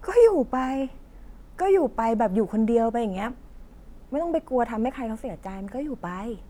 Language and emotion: Thai, frustrated